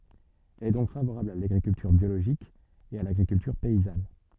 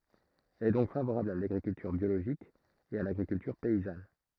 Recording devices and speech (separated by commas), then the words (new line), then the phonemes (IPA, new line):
soft in-ear microphone, throat microphone, read sentence
Elle est donc favorable à l'agriculture biologique et à l'agriculture paysanne.
ɛl ɛ dɔ̃k favoʁabl a laɡʁikyltyʁ bjoloʒik e a laɡʁikyltyʁ pɛizan